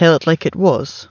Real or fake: real